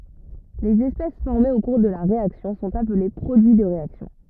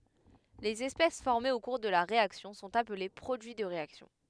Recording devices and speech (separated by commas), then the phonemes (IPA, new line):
rigid in-ear microphone, headset microphone, read sentence
lez ɛspɛs fɔʁmez o kuʁ də la ʁeaksjɔ̃ sɔ̃t aple pʁodyi də ʁeaksjɔ̃